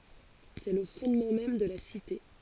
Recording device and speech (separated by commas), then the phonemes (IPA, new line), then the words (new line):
forehead accelerometer, read sentence
sɛ lə fɔ̃dmɑ̃ mɛm də la site
C'est le fondement même de la Cité.